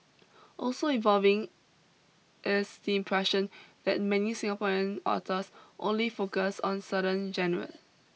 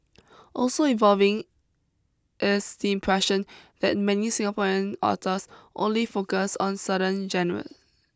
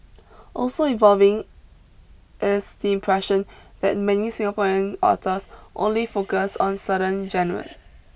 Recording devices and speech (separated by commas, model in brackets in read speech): mobile phone (iPhone 6), close-talking microphone (WH20), boundary microphone (BM630), read sentence